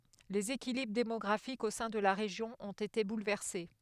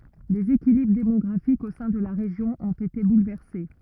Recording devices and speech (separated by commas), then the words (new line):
headset microphone, rigid in-ear microphone, read sentence
Les équilibres démographiques au sein de la région ont été bouleversés.